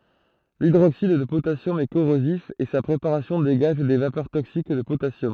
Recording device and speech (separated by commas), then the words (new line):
throat microphone, read sentence
L'hydroxyde de potassium est corrosif et sa préparation dégage des vapeurs toxiques de potassium.